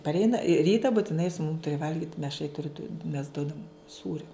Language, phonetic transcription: Lithuanian, parˈeina ˈryta butiˈnai su mum ˈturi ˈvalgit meš ai turi du mes ˈduodam ˈsūrio

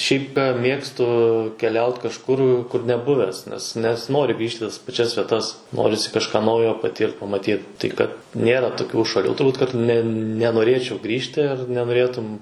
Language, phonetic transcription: Lithuanian, ˈšiaip ka ˈmėgstu keˈliaut kažˈkur kur neˈbuvęs nes nesiˈnori ˈgrįžt' i tas paˈčias vieˈtas ˈnorisi kažˈką ˈnaujo paˈtyrt pamaˈtyt ˈtai kad ˈnėra toˈkių šaˈlių turˈbūt kad ˈne nenoˈrėčiau ˈgrįžti ar nenoˈrėtum

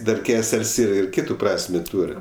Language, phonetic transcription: Lithuanian, ˈdar ˈkesel's' ir ˈkytu ˈprasmė ˈtūr'

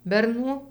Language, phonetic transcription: Lithuanian, berˈnų

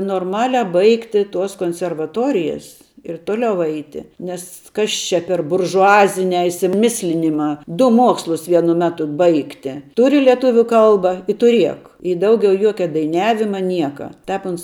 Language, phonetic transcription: Lithuanian, norˈmalia ˈbaigtiˈ tuos konservaˈtorijas ir ˈtoliau ˈeiti ˈnes ˈkas čia per buržuˈaziniā išsiˈmislinimā ˈdu ˈmuokslus ˈvienu ˈmetu ˈbaigti ˈturi leˈtuvių ˈkalba i tuˈriek i ˈdaugiau ˈjuoke daiˈniavima ˈnieka ˈtēp ˈuns

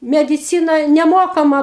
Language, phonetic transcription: Lithuanian, mediˈcyna neˈmokama

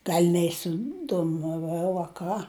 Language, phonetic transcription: Lithuanian, ˈgal' neisidomaˈvau a ˈką

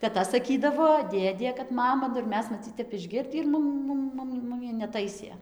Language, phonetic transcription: Lithuanian, teˈta saˈkydavo ˈdėdė kad ˈmama nu ir ˈmes maˈcyc ˈtep išˈgirdį ir ˈmum ˈmum ˈmum ˈmumi neˈtaisė

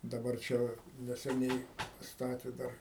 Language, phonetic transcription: Lithuanian, daˈbar ˈčia va neseˈniai paˈstatė ˈdar

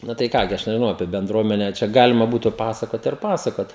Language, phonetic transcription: Lithuanian, ˈnu tai ˈką gi ˈaš nežiˈnau apie benˈdruomene čia ˈgalima ˈbūtu ˈpasakot ir ˈpasakot

